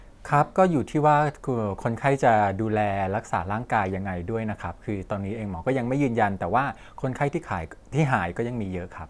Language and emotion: Thai, neutral